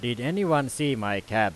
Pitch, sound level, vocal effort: 125 Hz, 94 dB SPL, very loud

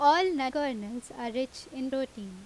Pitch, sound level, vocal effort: 260 Hz, 89 dB SPL, loud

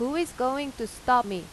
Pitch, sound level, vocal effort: 250 Hz, 90 dB SPL, loud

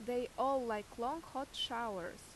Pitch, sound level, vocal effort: 245 Hz, 87 dB SPL, loud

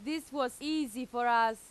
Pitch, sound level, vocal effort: 255 Hz, 94 dB SPL, very loud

